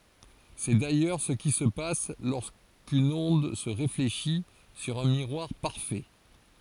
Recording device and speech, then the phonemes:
forehead accelerometer, read sentence
sɛ dajœʁ sə ki sə pas loʁskyn ɔ̃d sə ʁefleʃi syʁ œ̃ miʁwaʁ paʁfɛ

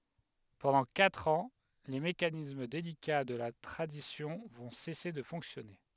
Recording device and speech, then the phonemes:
headset microphone, read sentence
pɑ̃dɑ̃ katʁ ɑ̃ le mekanism delika də la tʁadisjɔ̃ vɔ̃ sɛse də fɔ̃ksjɔne

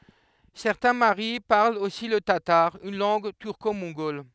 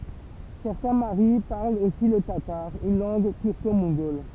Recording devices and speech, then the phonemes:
headset microphone, temple vibration pickup, read sentence
sɛʁtɛ̃ maʁi paʁlt osi lə tataʁ yn lɑ̃ɡ tyʁkomɔ̃ɡɔl

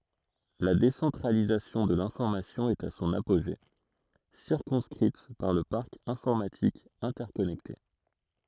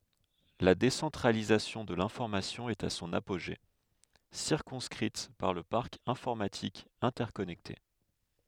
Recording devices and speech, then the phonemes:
throat microphone, headset microphone, read sentence
la desɑ̃tʁalizasjɔ̃ də lɛ̃fɔʁmasjɔ̃ ɛt a sɔ̃n apoʒe siʁkɔ̃skʁit paʁ lə paʁk ɛ̃fɔʁmatik ɛ̃tɛʁkɔnɛkte

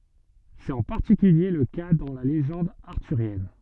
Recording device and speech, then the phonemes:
soft in-ear microphone, read sentence
sɛt ɑ̃ paʁtikylje lə ka dɑ̃ la leʒɑ̃d aʁtyʁjɛn

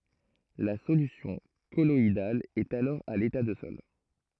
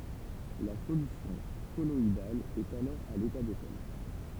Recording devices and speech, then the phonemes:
throat microphone, temple vibration pickup, read sentence
la solysjɔ̃ kɔlɔidal ɛt alɔʁ a leta də sɔl

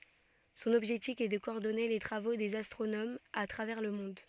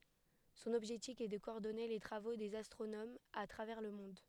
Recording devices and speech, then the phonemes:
soft in-ear microphone, headset microphone, read sentence
sɔ̃n ɔbʒɛktif ɛ də kɔɔʁdɔne le tʁavo dez astʁonomz a tʁavɛʁ lə mɔ̃d

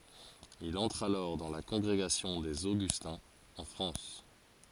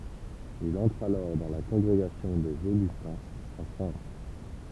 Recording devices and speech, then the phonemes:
forehead accelerometer, temple vibration pickup, read sentence
il ɑ̃tʁ alɔʁ dɑ̃ la kɔ̃ɡʁeɡasjɔ̃ dez oɡystɛ̃z ɑ̃ fʁɑ̃s

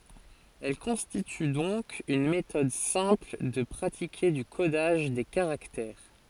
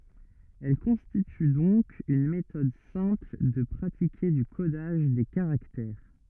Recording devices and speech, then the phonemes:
forehead accelerometer, rigid in-ear microphone, read sentence
ɛl kɔ̃stity dɔ̃k yn metɔd sɛ̃pl də pʁatike dy kodaʒ de kaʁaktɛʁ

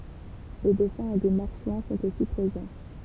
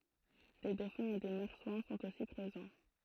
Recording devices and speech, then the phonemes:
temple vibration pickup, throat microphone, read sentence
de dofɛ̃z e de maʁswɛ̃ sɔ̃t osi pʁezɑ̃

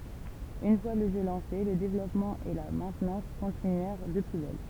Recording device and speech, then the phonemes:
temple vibration pickup, read sentence
yn fwa lə ʒø lɑ̃se lə devlɔpmɑ̃ e la mɛ̃tnɑ̃s kɔ̃tinyɛʁ də ply bɛl

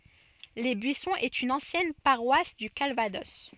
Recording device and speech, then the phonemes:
soft in-ear microphone, read sentence
le byisɔ̃z ɛt yn ɑ̃sjɛn paʁwas dy kalvadɔs

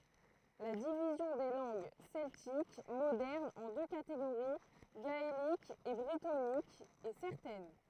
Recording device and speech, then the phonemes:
throat microphone, read sentence
la divizjɔ̃ de lɑ̃ɡ sɛltik modɛʁnz ɑ̃ dø kateɡoʁi ɡaelik e bʁitonik ɛ sɛʁtɛn

